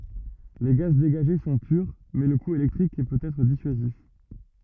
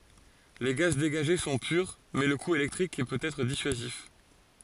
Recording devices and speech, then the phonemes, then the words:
rigid in-ear microphone, forehead accelerometer, read sentence
le ɡaz deɡaʒe sɔ̃ pyʁ mɛ lə ku elɛktʁik pøt ɛtʁ disyazif
Les gaz dégagés sont purs, mais le coût électrique peut être dissuasif..

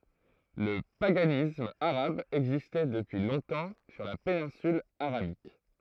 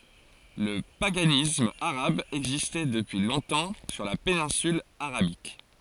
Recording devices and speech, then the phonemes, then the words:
throat microphone, forehead accelerometer, read sentence
lə paɡanism aʁab ɛɡzistɛ dəpyi lɔ̃tɑ̃ syʁ la penɛ̃syl aʁabik
Le paganisme arabe existait depuis longtemps sur la péninsule Arabique.

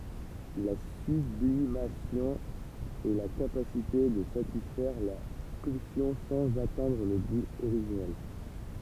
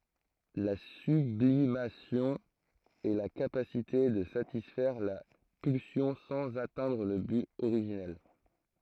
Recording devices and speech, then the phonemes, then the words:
temple vibration pickup, throat microphone, read sentence
la syblimasjɔ̃ ɛ la kapasite də satisfɛʁ la pylsjɔ̃ sɑ̃z atɛ̃dʁ lə byt oʁiʒinɛl
La sublimation est la capacité de satisfaire la pulsion sans atteindre le but originel.

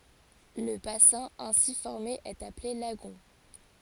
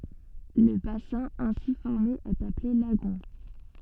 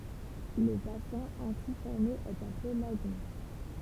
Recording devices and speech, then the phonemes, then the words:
forehead accelerometer, soft in-ear microphone, temple vibration pickup, read sentence
lə basɛ̃ ɛ̃si fɔʁme ɛt aple laɡɔ̃
Le bassin ainsi formé est appelé lagon.

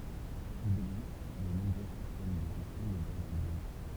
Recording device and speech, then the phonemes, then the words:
temple vibration pickup, read sentence
il ɛɡzist də nɔ̃bʁø sistɛm də ʒɛstjɔ̃ də baz də dɔne
Il existe de nombreux systèmes de gestion de base de données.

